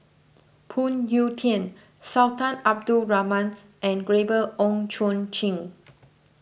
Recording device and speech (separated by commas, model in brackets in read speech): boundary microphone (BM630), read sentence